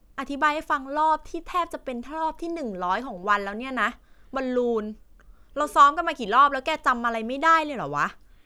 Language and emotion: Thai, frustrated